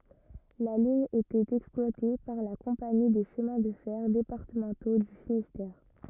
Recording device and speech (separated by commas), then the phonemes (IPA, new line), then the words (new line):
rigid in-ear microphone, read sentence
la liɲ etɛt ɛksplwate paʁ la kɔ̃pani de ʃəmɛ̃ də fɛʁ depaʁtəmɑ̃to dy finistɛʁ
La ligne était exploitée par la compagnie des Chemins de fer départementaux du Finistère.